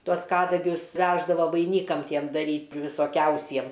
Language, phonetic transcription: Lithuanian, ˈtuos ˈkadagius ˈveždavo vaiˈnykam ˈtiem daˈryt' visoˈkiausiem

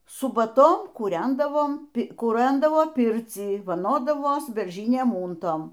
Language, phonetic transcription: Lithuanian, subaˈton kūˈrendavom kūˈrandavoˈpircį vaˈnodavos berˈžiniem ˈūntom

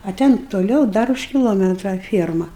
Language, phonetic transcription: Lithuanian, a ˈten toˈliau ˈdar už kiloˈmetra ˈfierma

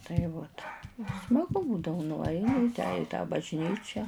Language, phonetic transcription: Lithuanian, tai ˈvot smaˈgu ˈbūdavu nuˈaini i ˈtę i tą bažˈnyčia

